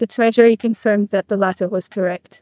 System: TTS, neural waveform model